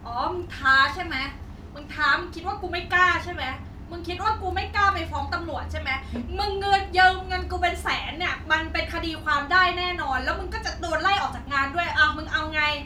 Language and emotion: Thai, angry